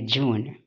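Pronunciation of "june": This is the fused form. The sounds merge into a j sound, which gives 'june'.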